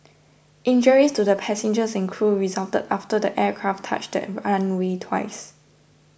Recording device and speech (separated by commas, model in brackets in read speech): boundary microphone (BM630), read sentence